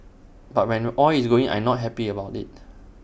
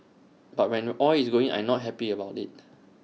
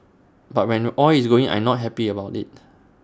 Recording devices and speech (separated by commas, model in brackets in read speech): boundary microphone (BM630), mobile phone (iPhone 6), standing microphone (AKG C214), read sentence